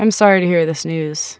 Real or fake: real